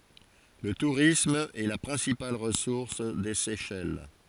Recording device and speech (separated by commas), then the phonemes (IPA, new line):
forehead accelerometer, read sentence
lə tuʁism ɛ la pʁɛ̃sipal ʁəsuʁs de sɛʃɛl